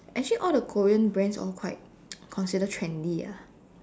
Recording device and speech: standing microphone, conversation in separate rooms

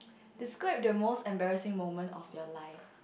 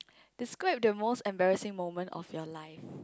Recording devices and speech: boundary microphone, close-talking microphone, conversation in the same room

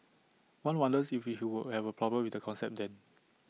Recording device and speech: mobile phone (iPhone 6), read sentence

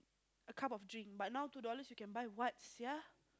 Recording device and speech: close-talking microphone, conversation in the same room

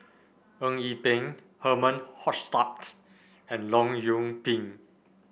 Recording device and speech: boundary microphone (BM630), read sentence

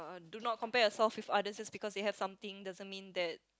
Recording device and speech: close-talking microphone, conversation in the same room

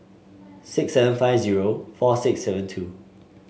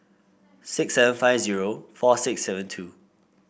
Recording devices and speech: mobile phone (Samsung S8), boundary microphone (BM630), read sentence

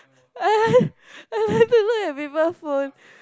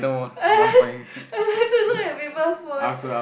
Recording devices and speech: close-talking microphone, boundary microphone, conversation in the same room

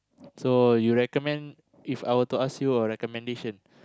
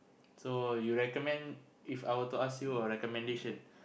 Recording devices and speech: close-talking microphone, boundary microphone, conversation in the same room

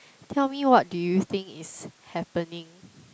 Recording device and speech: close-talking microphone, conversation in the same room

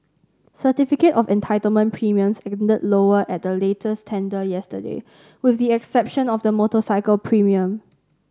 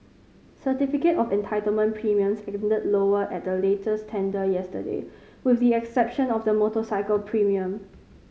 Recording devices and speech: standing microphone (AKG C214), mobile phone (Samsung C5010), read sentence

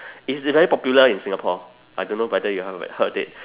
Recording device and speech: telephone, conversation in separate rooms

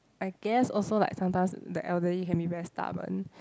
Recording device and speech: close-talking microphone, conversation in the same room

